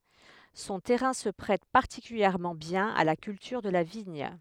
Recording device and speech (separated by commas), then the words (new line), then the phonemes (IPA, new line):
headset microphone, read sentence
Son terrain se prête particulièrement bien à la culture de la vigne.
sɔ̃ tɛʁɛ̃ sə pʁɛt paʁtikyljɛʁmɑ̃ bjɛ̃n a la kyltyʁ də la viɲ